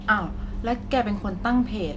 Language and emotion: Thai, frustrated